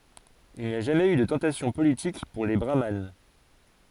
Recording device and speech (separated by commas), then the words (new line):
forehead accelerometer, read sentence
Il n'y a jamais eu de tentation politique pour les brahmanes.